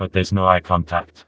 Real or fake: fake